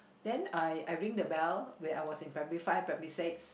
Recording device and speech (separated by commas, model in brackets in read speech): boundary microphone, conversation in the same room